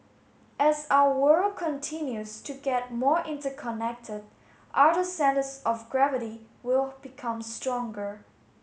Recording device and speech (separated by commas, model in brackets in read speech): mobile phone (Samsung S8), read sentence